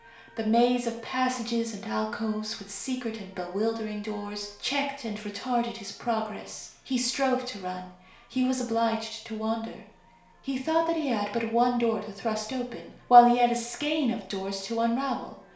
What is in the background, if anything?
A television.